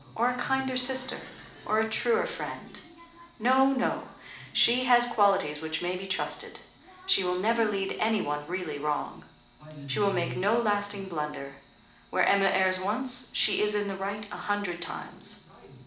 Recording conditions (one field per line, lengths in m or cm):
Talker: one person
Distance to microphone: 2.0 m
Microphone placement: close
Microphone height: 99 cm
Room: medium-sized (5.7 m by 4.0 m)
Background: television